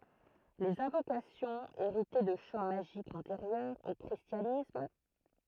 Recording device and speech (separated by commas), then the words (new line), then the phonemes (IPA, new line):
throat microphone, read sentence
Les invocations héritaient de chants magiques antérieurs au christianisme.
lez ɛ̃vokasjɔ̃z eʁitɛ də ʃɑ̃ maʒikz ɑ̃teʁjœʁz o kʁistjanism